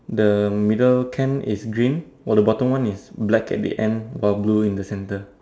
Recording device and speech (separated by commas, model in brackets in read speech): standing microphone, conversation in separate rooms